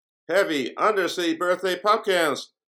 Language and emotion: English, neutral